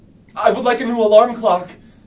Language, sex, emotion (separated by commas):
English, male, fearful